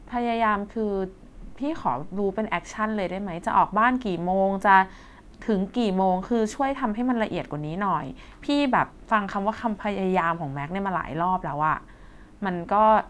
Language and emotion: Thai, frustrated